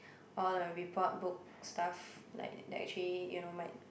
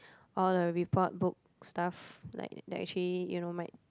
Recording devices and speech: boundary microphone, close-talking microphone, conversation in the same room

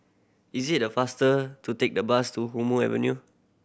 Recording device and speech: boundary microphone (BM630), read sentence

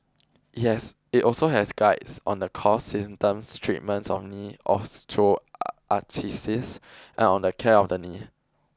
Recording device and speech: close-talking microphone (WH20), read sentence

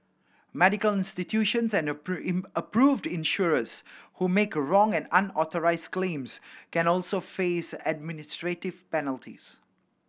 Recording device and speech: boundary microphone (BM630), read sentence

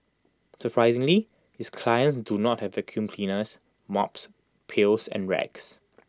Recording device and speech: close-talking microphone (WH20), read sentence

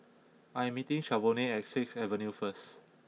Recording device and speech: mobile phone (iPhone 6), read sentence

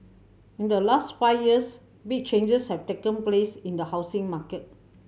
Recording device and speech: mobile phone (Samsung C7100), read sentence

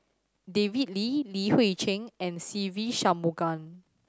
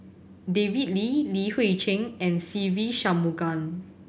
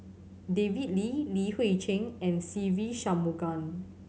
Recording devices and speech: standing microphone (AKG C214), boundary microphone (BM630), mobile phone (Samsung C7100), read sentence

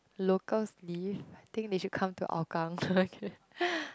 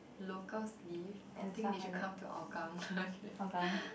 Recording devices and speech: close-talking microphone, boundary microphone, conversation in the same room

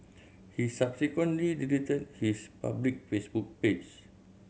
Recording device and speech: mobile phone (Samsung C7100), read sentence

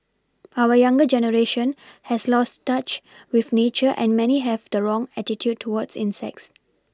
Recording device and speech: standing microphone (AKG C214), read sentence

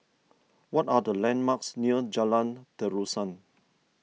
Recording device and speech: mobile phone (iPhone 6), read sentence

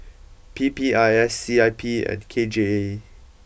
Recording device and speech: boundary microphone (BM630), read sentence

